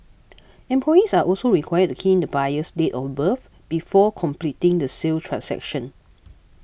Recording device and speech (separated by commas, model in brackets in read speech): boundary microphone (BM630), read sentence